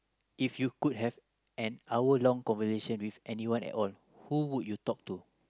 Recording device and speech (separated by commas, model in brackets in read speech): close-talking microphone, conversation in the same room